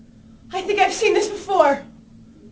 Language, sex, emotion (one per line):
English
female
fearful